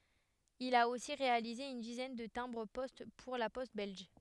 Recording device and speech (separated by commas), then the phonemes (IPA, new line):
headset microphone, read sentence
il a osi ʁealize yn dizɛn də tɛ̃bʁ pɔst puʁ la pɔst bɛlʒ